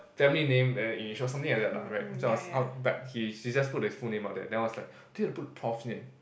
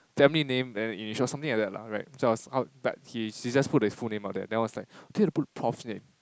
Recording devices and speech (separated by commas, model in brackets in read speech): boundary microphone, close-talking microphone, conversation in the same room